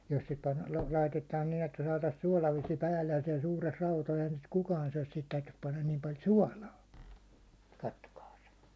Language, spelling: Finnish, jos se - laitetaan niin että saataisiin suolavesi päälle ja siellä suuressa eihän sitä kukaan syö siihen täytyisi panna niin paljon suolaa katsokaas
- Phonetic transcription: jos se 'pan- , 'laitetaan nin ‿että saatas suálavesⁱ 'päällej ja siɛl suures ᴇɪhäɴ sit 'kukaan suäₒs sihit täytys pannan niim 'pal "suålaa , 'kattokaas .

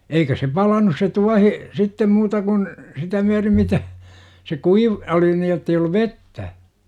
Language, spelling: Finnish, eikä se palanut se tuohi sitten muuta kuin sitä myöten mitä se kuiva oli niin jotta ei ollut vettä
- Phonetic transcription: 'eikä se "palanus se "tuahi , 'sittem 'muuta kun , 'sitä myärim mitä , se 'kuiv- , oli ni jottei ollu 'vettä .

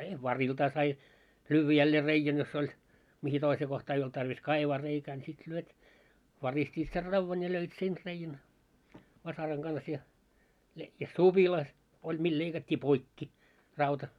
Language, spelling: Finnish, ja variltaan sai lyödä jälleen reiän jos oli mihin toiseen kohtaan ei ollut tarve kaivaa reikää niin sitten lyöt varistivat sen raudan ja löivät sen reiän vasaran kanssa ja - ja supila oli millä leikattiin poikki rauta
- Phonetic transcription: ja "variltaa sai , 'lyyvvä jällee 'reijän jos 'oĺ , mihi 'toisee 'kohtaa ei olt tarvis 'kaivaa reikää ńi sit lyöt , 'varist́iit ser 'ravvan ja löit 'sen reijän , 'vasaraŋ ɢans ja , he- , ja "suʙila , oĺ mil leikat́t́ii "poikki , 'rauta .

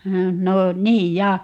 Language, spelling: Finnish, no niin ja
- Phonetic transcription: 'no , "niij ja ,.

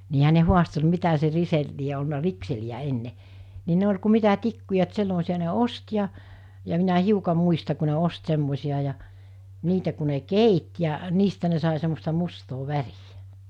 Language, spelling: Finnish, niinhän ne haasteli mitä se - lie ollut rikseliä ennen niin ne oli kuin mitä tikkuja että semmoisia ne osti ja ja minä hiukan muista kun ne osti semmoisia ja niitä kun ne keitti ja niistä ne sai semmoista mustaa väriä
- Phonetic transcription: niihä ne 'huastel 'mitä se 'risel- , lie olna 'rikseli₍ä 'enne , ni 'ne oĺ ku 'mitä 'tikkuja et 'semmosi₍a ne "ost ja , ja minä 'hiuka 'muista ku ne 'ost 'semmosi₍a ja , 'niitä ku ne "keit ja , 'niistä ne sàe semmosta 'mustoo 'värijᴀ̈ .

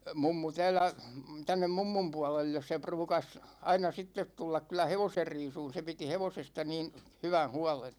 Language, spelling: Finnish, mummu täällä tänne mummun puolelle se ruukasi aina sitten tulla kyllä hevosen riisumaan se piti hevosesta niin hyvän huolen
- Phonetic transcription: 'mummu 'täällä , 'tännem "mummum 'puålelles se 'pruukas , 'aina "sittet 'tullak kyl̆lä "hevoser 'riisuun 'se 'piti "hevosesta niin , 'hywän̬ 'huålen .

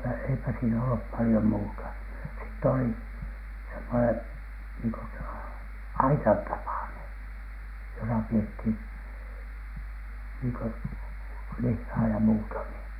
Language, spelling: Finnish, no eipä eipä siinä ollut paljon muuta sitten oli semmoinen niin kuin - aitan tapainen jossa pidettiin niin kuin lihaa ja muuta niin
- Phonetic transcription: no 'eipä , 'eipä siinä ollup 'palⁱjom 'muuta , sitt ‿olì , semmonen , niiŋko s- , "aitan 'tapàneN , josa 'piethin , niiŋ kö "lihhaa ja muuta ni .

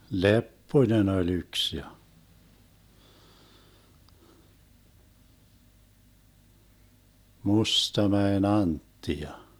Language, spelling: Finnish, Lepponen oli yksi ja Mustamäen Antti ja
- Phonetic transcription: "Leppoⁱnen ‿oĺ 'yks ja , 'Mustamäen "Antti ja ,.

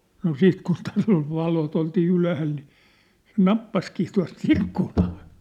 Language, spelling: Finnish, no sitten kun täällä oli valot oltiin ylhäällä niin se nappasikin tuossa - ikkunaan
- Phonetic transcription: no 'siit kun 'tääll ‿ol 'valot oltii 'ylähäl ni , se "nappaskii tua̭s "t ‿ikkunᴀᴀ .

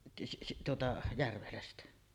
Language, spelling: Finnish, - tuota Järvelästä
- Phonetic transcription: si- tuota "Järvelästä .

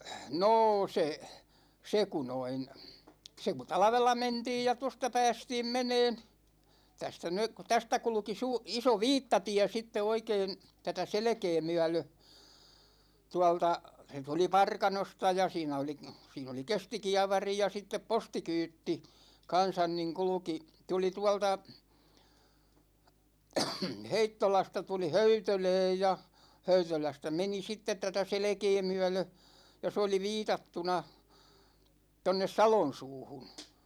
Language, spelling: Finnish, no se se kun noin se kun talvella mentiin ja tuosta päästiin menemään tästä nyt kun tästä kulki - iso viittatie sitten oikein tätä selkää myöden tuolta se tuli Parkanosta ja siinä oli siinä oli kestikievari ja sitten postikyyti kanssa niin kulki tuli tuolta Heittolasta tuli Höytölään ja Höytölästä meni sitten tätä selkää myöden ja se oli viitattuna tuonne Salonsuuhun
- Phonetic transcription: noo se , 'se ku 'noin , se ku "talᵃvella 'mentiij ja 'tosta 'päästiim 'meneen , 'tästä (nyk ku) , 'tästä 'kulki suu- , 'iso "viittatiɛ sitte 'oikeen̬ , 'tätä "selᵉkee 'myä̭lö , 'tua̭lta , 'se tuli "Parkanosta ja 'siinä oli , 'siin ‿oli "kestikiavari ja 'sittep "postikyytti , 'kansan niŋ "kulᵘki , 'tuli 'tua̭lta , "Heittolasta tuli "Höytölɛɛj ja , "Höytölästä 'meni 'sittet tätä "selᵉkee 'myä̭lö , ja 's ‿oli "viitattuna , 'tonnes "Salon̬suuhun̬ .

